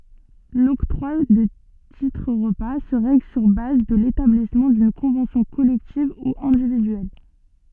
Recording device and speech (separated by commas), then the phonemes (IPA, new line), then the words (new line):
soft in-ear microphone, read sentence
lɔktʁwa də titʁ ʁəpa sə ʁɛɡl syʁ baz də letablismɑ̃ dyn kɔ̃vɑ̃sjɔ̃ kɔlɛktiv u ɛ̃dividyɛl
L'octroi de titres-repas se règle sur base de l'établissement d'une convention collective ou individuelle.